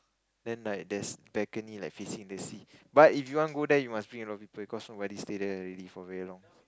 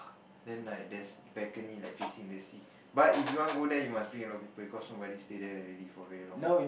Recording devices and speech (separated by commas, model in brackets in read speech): close-talking microphone, boundary microphone, conversation in the same room